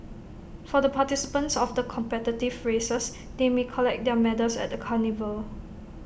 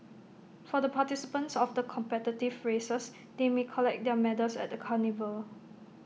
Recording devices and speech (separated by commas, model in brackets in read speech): boundary microphone (BM630), mobile phone (iPhone 6), read sentence